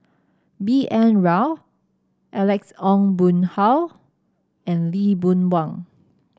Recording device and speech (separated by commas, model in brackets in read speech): standing microphone (AKG C214), read sentence